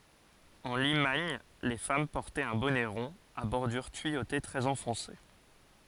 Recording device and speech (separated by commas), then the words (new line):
forehead accelerometer, read sentence
En Limagne les femmes portaient un bonnet rond à bordure tuyautée très enfoncé.